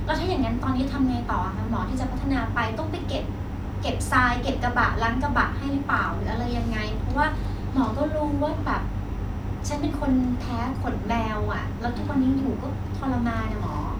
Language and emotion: Thai, frustrated